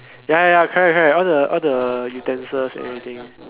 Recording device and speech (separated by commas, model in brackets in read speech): telephone, conversation in separate rooms